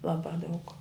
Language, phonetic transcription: Lithuanian, ˈlabā daug

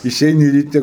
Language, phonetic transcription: Lithuanian, iˈšeini ryˈte

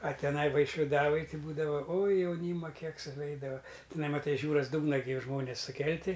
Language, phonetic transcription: Lithuanian, a teˈnai vaišviˈdavoj ˈtai ˈbūdava oj jauˈnyma ˈkiek suˈveidava tiˈnai maˈtai iš ˈjūras ˈdūgna gi ˈžmonės suˈkelti

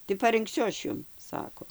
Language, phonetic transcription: Lithuanian, tai parɨnkˈsiu ˈaš ˈjum ˈsako

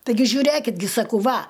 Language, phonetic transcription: Lithuanian, taiˈgi žiuˈrėkit gi saˈkau ˈva

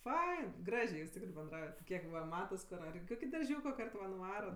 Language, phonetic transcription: Lithuanian, ˈfain ˈgražė jūs ˈtikrɜ benˈdraujat ˈkiek ˈva ˈmatas kur ar i ˈkoki darˈžiūko ˈkart va nuˈvarat

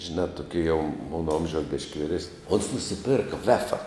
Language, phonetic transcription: Lithuanian, žiˈnā tuˈkie jau ˈmona ˈomžiaus bišk' viˈresni ons nusiˈpirka ˈvefa

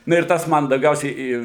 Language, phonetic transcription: Lithuanian, ˈnu ir ˈtas ˈman dauˈgiausiai į

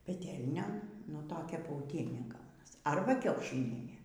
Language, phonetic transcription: Lithuanian, peˈtelnion nu toˈkia pauˈtienė ˈgaunas ˈarba ˈkiaušinienė

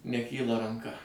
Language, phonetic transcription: Lithuanian, neˈkyla ranˈka

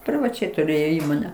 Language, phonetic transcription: Lithuanian, privaˈčiai tuˈrėjo ˈįmone

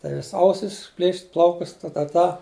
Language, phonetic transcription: Lithuanian, tai ˈvis' ˈausis ˈplėšit' ˈplaukus ta ta ˈta

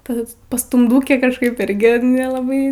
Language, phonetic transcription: Lithuanian, ˈpas pastumˈdūkė kažˈkaip ˈirgi nelaˈbai

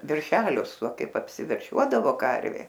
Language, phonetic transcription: Lithuanian, verˈšelius o ˈkaip apsiverˈšiuodavo ˈkarvė

